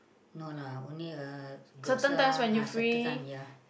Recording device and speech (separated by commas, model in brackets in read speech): boundary microphone, conversation in the same room